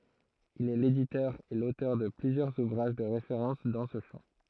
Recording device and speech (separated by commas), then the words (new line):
throat microphone, read sentence
Il est l'éditeur et l'auteur de plusieurs ouvrages de référence dans ce champ.